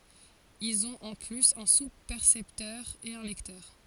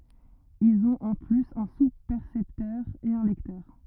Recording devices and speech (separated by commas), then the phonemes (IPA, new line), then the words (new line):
forehead accelerometer, rigid in-ear microphone, read sentence
ilz ɔ̃t ɑ̃ plyz œ̃ suspɛʁsɛptœʁ e œ̃ lɛktœʁ
Ils ont en plus, un sous-percepteur et un lecteur.